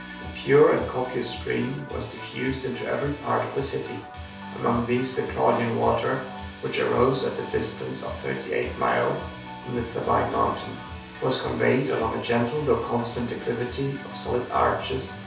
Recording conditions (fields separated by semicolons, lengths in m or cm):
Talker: one person; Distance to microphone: 3.0 m; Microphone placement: far; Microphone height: 1.8 m; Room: small (3.7 m by 2.7 m); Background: music